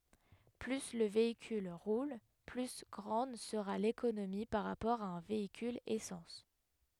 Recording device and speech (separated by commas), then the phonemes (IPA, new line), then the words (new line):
headset microphone, read sentence
ply lə veikyl ʁul ply ɡʁɑ̃d səʁa lekonomi paʁ ʁapɔʁ a œ̃ veikyl esɑ̃s
Plus le véhicule roule, plus grande sera l'économie par rapport à un véhicule essence.